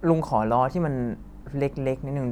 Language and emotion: Thai, neutral